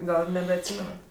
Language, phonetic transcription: Lithuanian, ˈgal nebeatˈsymenat

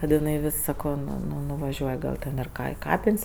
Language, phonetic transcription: Lithuanian, kad iˈnai ˈvis saˈko nu nuvaˈžiuoj gal ˈten ir ˈka i ˈkapin's'

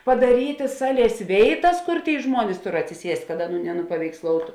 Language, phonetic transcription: Lithuanian, padaˈryti ˈsaˌlies ˈvėiˌtas ˈkur ˈtėi ˈžmuonis ˈtur atsiˈsiest' kad ˈaˌnų nenupaveiksˈloutu

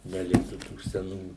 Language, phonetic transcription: Lithuanian, neˈliktų tų seˈnų

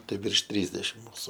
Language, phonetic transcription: Lithuanian, ˈtai virš ˈtrysdešim ˈmusu

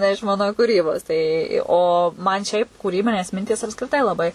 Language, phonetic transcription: Lithuanian, ne iš ˈman kūˈrybos ˈtai o man ˈšiaip kūˈrybinės ˈmintys apskriˈtai laˈbai

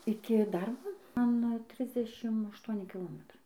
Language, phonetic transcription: Lithuanian, ˈiki ˈdarbo ˈman ˈtrisdešim ašˈtuoni kiˈlometrai

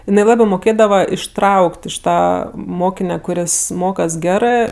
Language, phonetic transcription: Lithuanian, iˈnai ˈlabɜ moˈkėdava išˈtrauk't' iš ˈtą ˈmokine kuˈris ˈmokas ˈgerɜ

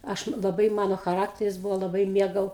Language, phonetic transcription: Lithuanian, ˈaš laˈbai ˈmano chaˈrakteris ˈbūvo laˈbai ˈmiegau

